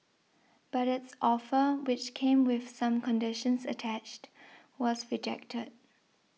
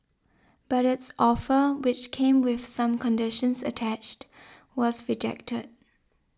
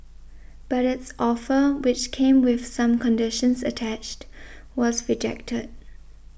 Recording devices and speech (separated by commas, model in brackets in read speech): mobile phone (iPhone 6), standing microphone (AKG C214), boundary microphone (BM630), read sentence